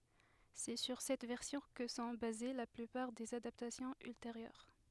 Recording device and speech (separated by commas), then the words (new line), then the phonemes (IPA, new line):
headset microphone, read sentence
C'est sur cette version que sont basées la plupart des adaptations ultérieures.
sɛ syʁ sɛt vɛʁsjɔ̃ kə sɔ̃ baze la plypaʁ dez adaptasjɔ̃z ylteʁjœʁ